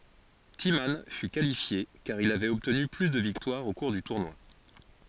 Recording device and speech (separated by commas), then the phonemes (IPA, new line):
forehead accelerometer, read sentence
timmɑ̃ fy kalifje kaʁ il avɛt ɔbtny ply də viktwaʁz o kuʁ dy tuʁnwa